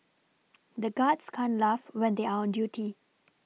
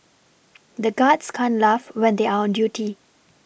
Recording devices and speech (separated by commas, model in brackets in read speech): mobile phone (iPhone 6), boundary microphone (BM630), read sentence